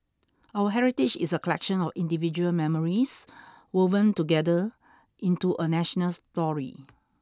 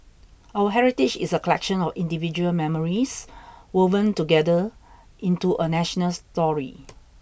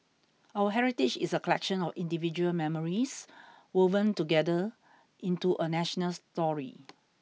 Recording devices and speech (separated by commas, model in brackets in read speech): standing microphone (AKG C214), boundary microphone (BM630), mobile phone (iPhone 6), read sentence